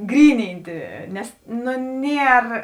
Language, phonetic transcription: Lithuanian, ˈgryninti ˈnes ˈnu ˈnier

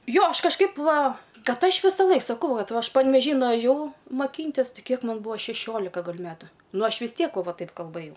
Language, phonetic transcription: Lithuanian, ˈjo ˈaš kažˈkaip ˈva ˈkad ˈaš visaˈlaik saˈkau ˈvat ˈaš panveˈžy nuaˈžiau maˈkyntis ˈtɨ ˈkiek ˈman ˈbūa šeˈšiolika gal' ˈmetu ˈnu ˈaš vis ˈtiek va ˈva ˈtaip kalˈbɘjau

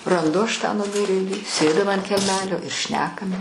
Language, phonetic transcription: Lithuanian, ranˈdu aš tą nuˈmirėlį ˈsėdim ant kelˈmelio ir ˈšnekam

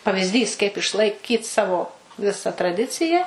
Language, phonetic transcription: Lithuanian, pavizˈdys kaip išlaiˈkyt ˈsavo ˈvisa traˈdicija

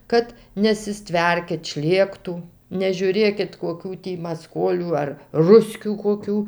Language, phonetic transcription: Lithuanian, ˈkad nesiˈstverkit ˈšlėktų nežiūˈrėkit koˈkių tį maˈskolių ar ˈruskių koˈkių

